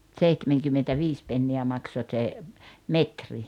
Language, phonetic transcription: Finnish, 'ᵗseihtemeŋkymmentä'viis penni₍ä 'makso ᵗse , "metri .
- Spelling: seitsemänkymmentäviisi penniä maksoi se metri

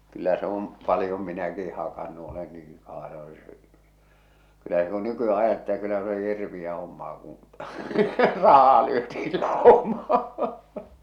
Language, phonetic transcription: Finnish, kyllä se ‿om , 'palⁱjom minäki 'hakannu olen niiŋ kaa-- , kyllä se ku 'nyky₍ä '’ajattele ᴇttᴀ̈ kyllä se oli 'hirviʲä hommaa kuṵ , 'rah̆haa lyötiil 'làomaa !
- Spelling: kyllä se on paljon minäkin hakannut olen niin - kyllä se kun nykyään ajattelee että kyllä se oli hirveää hommaa kun rahaa lyötiin laumaan

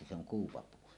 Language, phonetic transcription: Finnish, jotta se ‿oŋ 'kuupapuu .
- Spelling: jotta se on kuupapuu

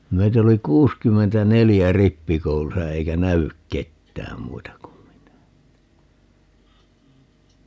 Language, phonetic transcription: Finnish, 'meit ‿oli 'kuuskymmentä"nelijä "rippikoulusa 'eikä "nä₍yk 'kettääm 'muita kum minä (että) ,.
- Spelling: meitä oli kuusikymmentäneljä rippikoulussa eikä näy ketään muita kuin minä että

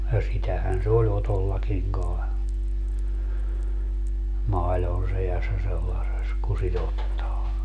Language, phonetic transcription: Finnish, ja 'sitähän se oĺ 'Otollakiŋ kae , 'mailon sejassa sellases ku si't ‿ottaa .
- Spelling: ja sitähän se oli Otollakin kai maidon seassa sellaisessa kun sitä ottaa

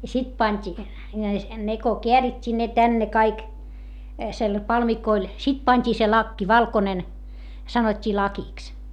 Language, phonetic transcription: Finnish, ja sit pańt́i , ne ko keärit́t́ii ne tänne kaik , sel - palmikoil , sit pańt́ii se lakki valkonen , sanot́t́ii lakiks .
- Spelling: ja sitten pantiin ne kun käärittiin ne tänne kaikki - palmikoille sitten pantiin se lakki valkoinen sanottiin lakiksi

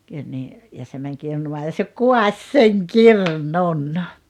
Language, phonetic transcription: Finnish, kyĺ nii , ja se mäŋ 'kirnumaa ja se "kuaś "seŋ "kirnun .
- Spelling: kyllä niin ja se meni kirnuamaan ja se kaatoi sen kirnun

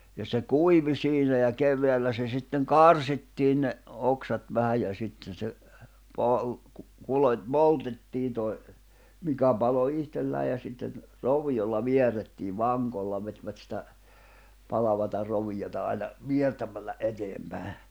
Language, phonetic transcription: Finnish, ja se "kuivi 'siinä ja 'kev̆veällä se sitteŋ "karsittiin ne’ , 'oksat vähäj ja sitten̬ se , poĺ- , ku- , kulot́- 'poltettiin toi̬ , 'mikä palo 'ihtellää ja sitten , "rovi₍olla 'viɛrrettiiv "vaŋkolla vetvät sitä , 'palavata 'rovijota ai̬na , "viertämällä , '’eteempä̀e .
- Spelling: ja se kuivui siinä ja keväällä se sitten karsittiin ne oksat vähän ja sitten se - - - poltettiin toi mikä paloi itsekseen ja sitten roviolla vierrettiin vankolla vetivät sitä palavaa roviota aina viertämällä eteenpäin

